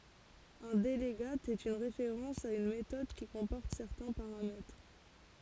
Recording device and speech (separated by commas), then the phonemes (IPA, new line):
forehead accelerometer, read sentence
œ̃ dəlɡat ɛt yn ʁefeʁɑ̃s a yn metɔd ki kɔ̃pɔʁt sɛʁtɛ̃ paʁamɛtʁ